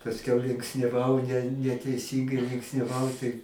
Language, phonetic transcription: Lithuanian, pasˈkiau linksniaˈvau ne neteiˈsyngai linksniaˈvau tai

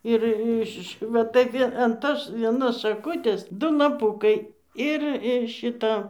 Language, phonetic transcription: Lithuanian, ir ˈiš va ˈtai vie an ˈtos vieˈnos šaˈkutės ˈdu laˈpukai ˈir ir ˈšita

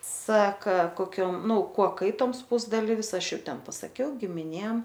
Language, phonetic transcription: Lithuanian, ˈsaka koˈkiom ˈnu ˈkuo ˈkaitoms ˈpusdalyvis ˈaš ˈjau ˈten pasaˈkiau gimiˈnėm

